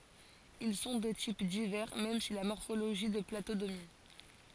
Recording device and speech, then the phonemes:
forehead accelerometer, read sentence
il sɔ̃ də tip divɛʁ mɛm si la mɔʁfoloʒi də plato domin

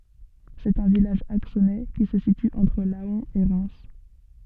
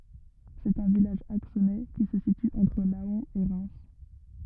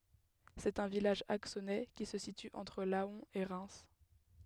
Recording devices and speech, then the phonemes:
soft in-ear microphone, rigid in-ear microphone, headset microphone, read sentence
sɛt œ̃ vilaʒ aksonɛ ki sə sity ɑ̃tʁ lɑ̃ e ʁɛm

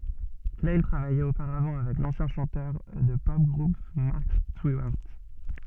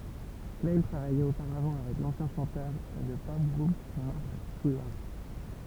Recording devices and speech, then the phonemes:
soft in-ear microphone, temple vibration pickup, read sentence
klaj tʁavajɛt opaʁavɑ̃ avɛk lɑ̃sjɛ̃ ʃɑ̃tœʁ də tə pɔp ɡʁup mɑʁk stiwaʁt

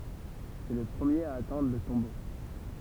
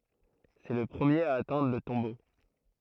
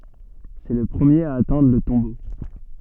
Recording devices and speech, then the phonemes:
temple vibration pickup, throat microphone, soft in-ear microphone, read sentence
sɛ lə pʁəmjeʁ a atɛ̃dʁ lə tɔ̃bo

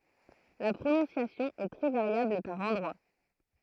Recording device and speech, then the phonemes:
throat microphone, read sentence
la pʁonɔ̃sjasjɔ̃ ɛ tʁɛ vaʁjabl paʁ ɑ̃dʁwa

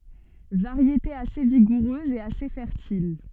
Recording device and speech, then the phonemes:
soft in-ear microphone, read sentence
vaʁjete ase viɡuʁøz e ase fɛʁtil

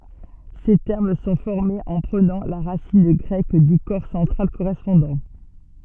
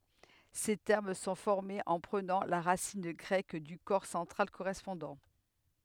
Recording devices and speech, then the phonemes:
soft in-ear microphone, headset microphone, read sentence
se tɛʁm sɔ̃ fɔʁmez ɑ̃ pʁənɑ̃ la ʁasin ɡʁɛk dy kɔʁ sɑ̃tʁal koʁɛspɔ̃dɑ̃

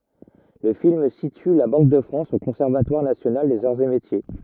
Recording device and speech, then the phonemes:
rigid in-ear microphone, read sentence
lə film sity la bɑ̃k də fʁɑ̃s o kɔ̃sɛʁvatwaʁ nasjonal dez aʁz e metje

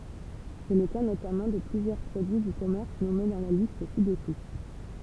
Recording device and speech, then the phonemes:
temple vibration pickup, read sentence
sɛ lə ka notamɑ̃ də plyzjœʁ pʁodyi dy kɔmɛʁs nɔme dɑ̃ la list si dəsu

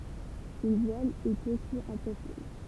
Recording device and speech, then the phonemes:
temple vibration pickup, read sentence
yn vwal ɛt osi œ̃ pʁofil

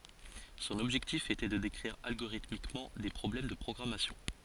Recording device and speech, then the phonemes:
forehead accelerometer, read sentence
sɔ̃n ɔbʒɛktif etɛ də dekʁiʁ alɡoʁitmikmɑ̃ de pʁɔblɛm də pʁɔɡʁamasjɔ̃

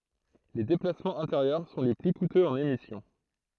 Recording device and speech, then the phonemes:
throat microphone, read sentence
le deplasmɑ̃z ɛ̃teʁjœʁ sɔ̃ le ply kutøz ɑ̃n emisjɔ̃

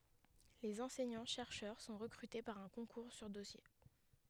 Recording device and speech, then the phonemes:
headset microphone, read sentence
lez ɑ̃sɛɲɑ̃tʃɛʁʃœʁ sɔ̃ ʁəkʁyte paʁ œ̃ kɔ̃kuʁ syʁ dɔsje

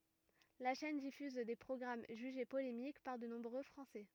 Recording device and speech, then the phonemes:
rigid in-ear microphone, read sentence
la ʃɛn difyz de pʁɔɡʁam ʒyʒe polemik paʁ də nɔ̃bʁø fʁɑ̃sɛ

